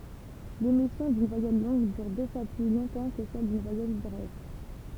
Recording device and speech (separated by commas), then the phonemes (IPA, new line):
temple vibration pickup, read sentence
lemisjɔ̃ dyn vwajɛl lɔ̃ɡ dyʁ dø fwa ply lɔ̃tɑ̃ kə sɛl dyn vwajɛl bʁɛv